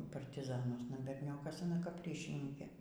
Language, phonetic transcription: Lithuanian, partiˈzanuosna berˈniokas aˈna kap ˈryšininkė

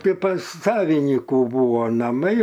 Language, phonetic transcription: Lithuanian, ˈtai pas saviˈnykų ˈbūvo naˈmai

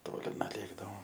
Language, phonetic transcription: Lithuanian, ˈtoli nuˈlėkdavom

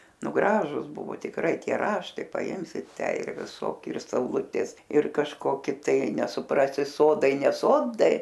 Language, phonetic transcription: Lithuanian, ˈnu ˈgražus ˈbuvo tikˈrai ˈtie ˈraštai paˈimsi ˈtę ir viˈsoki ir sauˈlutės ir kažˈkoki ˈtai nesuˈprasi ˈsodai ne ˈsodai

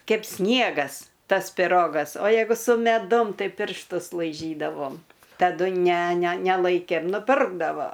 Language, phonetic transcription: Lithuanian, ˈkeip ˈsniegas ˈtas piˈrogas o ˈjeigu su meˈdum tai piršˈtus laiˈžydavom taˈdu ne ne neˈlaikėm nuˈpirkdavo

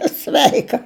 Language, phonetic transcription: Lithuanian, a ˈsveika

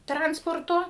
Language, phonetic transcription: Lithuanian, ˈtransporto

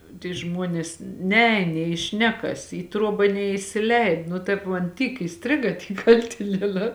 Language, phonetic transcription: Lithuanian, ty ˈžmuonės ˈneēn nė i ˈšnekas į ˈtruoba neisiˈleid nu ˈtaip man ˈtyk įˈstriga ˈty ˈkaltinieˌnā

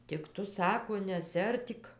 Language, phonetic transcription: Lithuanian, tik ˈtu ˈsako nesiˈartyk

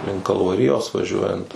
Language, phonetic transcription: Lithuanian, ˈlink kalvaˈrijos vaˈžiuojant

